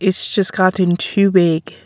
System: none